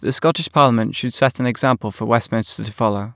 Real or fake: real